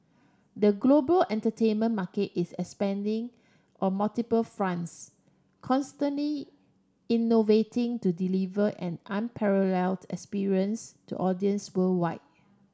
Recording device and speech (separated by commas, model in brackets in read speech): standing microphone (AKG C214), read sentence